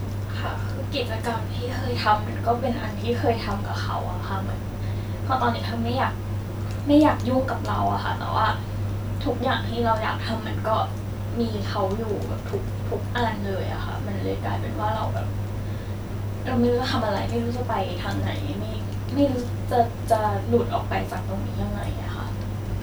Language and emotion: Thai, sad